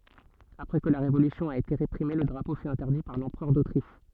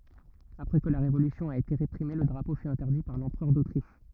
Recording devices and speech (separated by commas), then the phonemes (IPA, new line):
soft in-ear microphone, rigid in-ear microphone, read sentence
apʁɛ kə la ʁevolysjɔ̃ a ete ʁepʁime lə dʁapo fy ɛ̃tɛʁdi paʁ lɑ̃pʁœʁ dotʁiʃ